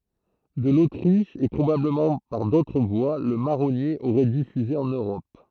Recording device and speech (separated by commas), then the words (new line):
throat microphone, read sentence
De l’Autriche et probablement par d’autres voies, le marronnier aurait diffusé en Europe.